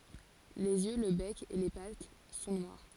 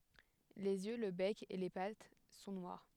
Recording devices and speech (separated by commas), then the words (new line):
forehead accelerometer, headset microphone, read sentence
Les yeux, le bec, et les pattes sont noirs.